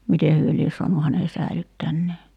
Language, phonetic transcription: Finnish, "mite hyö lies 'so̭anu häne 'säilyttännee .
- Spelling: miten he lie saanut hänen säilyttäneet

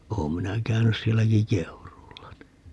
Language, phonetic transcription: Finnish, 'oom minä 'käynys 'sielläki "Keuruulla ni .
- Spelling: olen minä käynyt sielläkin Keuruulla niin

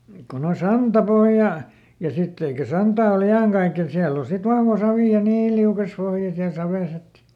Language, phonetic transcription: Finnish, kon ‿o "santaˈpohja , ja ˈsitt ‿eikä ˈsantaa o"l ‿i₍aŋkaiken ˈsiäll ‿o sit ˈvahva ˈsavì ja "niiil liukas (ˈpohja) siäl ˈsaves ‿et .
- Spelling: kun on santapohja ja sitten eikä santaa oli iankaiken siellä on sitten vahva savi ja niin liukas pohja siellä savessa että

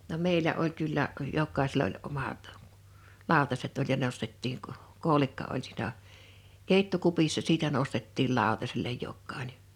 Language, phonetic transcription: Finnish, no 'mèilä oĺ kyllä , (o) 'jokkaisell ‿oĺ 'omat , 'lào̭taset oĺ ja 'nostettiiŋ k- , 'kòo̭likka oĺ sìna̳ , 'kèittokupissa siitä 'nostettiil '1àotasellej 'jokkàine .
- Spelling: no meillä oli kyllä - jokaisella oli omat lautaset oli ja nostettiin - koolikka oli siinä keittokupissa siitä nostettiin lautaselle jokainen

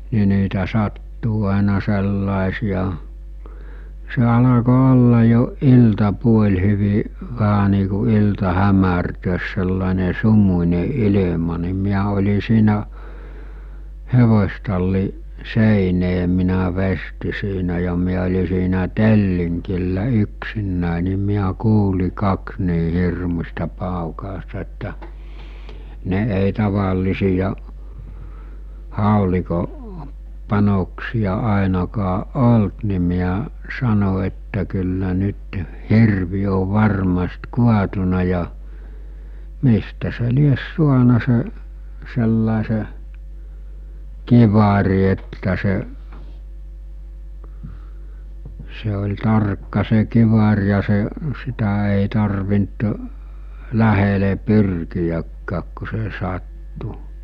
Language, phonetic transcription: Finnish, ni niitä 'sattuu àena 'sellàesija , se 'alako 'olla jo , 'ilta'puoĺ hyvi , vähä nii ku 'ilta 'hämärtöös sellàene 'sumuńe 'ilḙma ni miä oĺi siinä , 'hevos̜talli , 'sèinee minä 'vesti siinä ja miä oĺi siinä "telliŋkillä 'yksinnä̀e ni miä 'kuuli 'kaks nii 'hirmus̜ta 'pàukàosta että , 'ne ’èi 'tavailisija , 'hàoliko , 'panoksiʲa 'àenakaˀ "ˀolt ni miä , 'sano että kyllä nyt , 'hirvi ov̆ 'varmast 'kuatuna ja , 'mistä se lies 'suana se , sellàese , 'kivari että se’ , se oĺ "tarkka se 'kivar ja se , 'sitä èi tarvint , "lähele 'pyrkijäkkääk ku se 'sattu .
- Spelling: niin niitä sattuu aina sellaisia se alkoi olla jo iltapuoli hyvin vähän niin kuin ilta hämärtää sellainen sumuinen ilma niin minä olin siinä hevostallin seinää minä veistin siinä ja minä oli siinä tellingillä yksinäni niin minä kuulin kaksi niin hirmuista paukausta että ne ei tavallisia haulikon panoksia ainakaan ollut niin minä sanoin että kyllä nyt hirvi on varmasti kaatunut ja mistä se lie saanut se sellaisen kiväärin että se se oli tarkka se kivääri ja se sitä ei tarvinnut lähelle pyrkiäkään kun se sattui

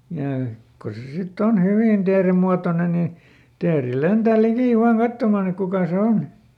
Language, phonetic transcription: Finnish, jà , ko se ˈsitˈt ‿on "hyvìn ˈteeremmuatonen nin̬ , ˈteeri ˈlentä̀ ˈlikì ˈvaan "kattomàn ‿ek ˈkukà se ˈon .
- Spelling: ja kun se sitten on hyvin teerenmuotoinen niin teeri lentää liki vain katsomaan että kuka se on

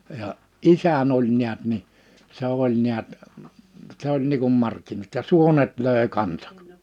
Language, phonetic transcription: Finnish, ja , "’isän ‿oĺ niät ni , 'se oĺ niät , 'se ‿oĺ nii kum 'markkinat ja 'suonet 'lö̀e 'kansᴀk .
- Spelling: ja isäni oli näet niin se oli näet se oli niin kuin markkinat ja suonet löi kanssa

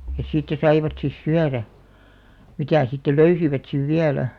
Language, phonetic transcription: Finnish, ja 'siittä saivat sis "syärä , 'mitä̀ sitte "löysivät 'siv "viälä .
- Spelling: ja siitä saivat sitten syödä mitä sitten löysivät sitten vielä

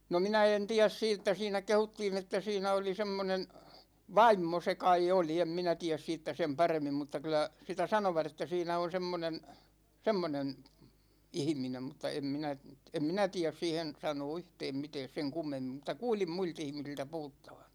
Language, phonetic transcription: Finnish, no "minä en "tiäs 'siittä , 'siinä 'kehuttiin ‿että 'siinä oli 'semmonen , "vaimmo se kai 'oli , 'em 'minä 'tiäs 'siittä sem "paremmim mutta 'kylä , 'sitä 'sanovat ‿että 'siinä on 'semmonen , 'semmonen , "ihⁱminem mutta em 'minä , em 'minä tiäs 'siihen , 'sanoo "yhtɛɛm 'mitɛɛs seŋ 'kummemmim muta "kuulim 'muil't ‿ihmisiltä 'puhuttAVA .
- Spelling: no minä en tiedä siitä siinä kehuttiin että siinä oli semmoinen vaimo se kai oli en minä tiedä siitä sen paremmin mutta kyllä sitä sanoivat että siinä on semmoinen semmoinen ihminen mutta en minä en minä tiedä siihen sanoa yhtään mitään sen kummemmin mutta kuulin muilta ihmisiltä puhuttavan

